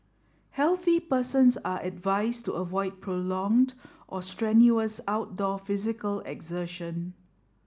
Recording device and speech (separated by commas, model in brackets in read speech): standing microphone (AKG C214), read sentence